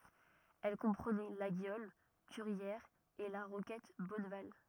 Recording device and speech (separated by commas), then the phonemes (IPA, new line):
rigid in-ear microphone, read sentence
ɛl kɔ̃pʁənɛ laɡjɔl kyʁjɛʁz e la ʁokɛt bɔnval